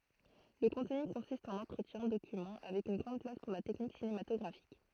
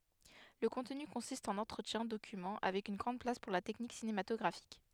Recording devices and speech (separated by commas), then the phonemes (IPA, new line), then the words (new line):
throat microphone, headset microphone, read sentence
lə kɔ̃tny kɔ̃sist ɑ̃n ɑ̃tʁətjɛ̃ dokymɑ̃ avɛk yn ɡʁɑ̃d plas puʁ la tɛknik sinematɔɡʁafik
Le contenu consiste en entretiens, documents, avec une grande place pour la technique cinématographique.